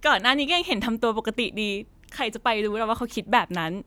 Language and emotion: Thai, happy